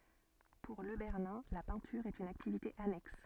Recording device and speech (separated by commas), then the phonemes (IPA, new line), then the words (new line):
soft in-ear microphone, read sentence
puʁ lə bɛʁnɛ̃ la pɛ̃tyʁ ɛt yn aktivite anɛks
Pour Le Bernin, la peinture est une activité annexe.